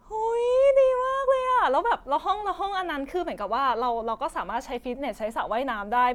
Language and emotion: Thai, happy